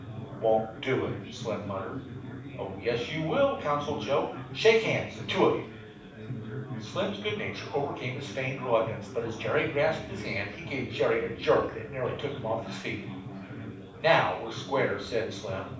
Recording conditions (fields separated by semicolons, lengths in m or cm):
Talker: one person; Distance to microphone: 5.8 m; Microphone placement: far; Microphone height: 1.8 m; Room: medium-sized (5.7 m by 4.0 m); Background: babble